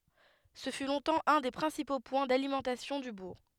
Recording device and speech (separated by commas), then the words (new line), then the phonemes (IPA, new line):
headset microphone, read sentence
Ce fut longtemps un des principaux points d'alimentation du bourg.
sə fy lɔ̃tɑ̃ œ̃ de pʁɛ̃sipo pwɛ̃ dalimɑ̃tasjɔ̃ dy buʁ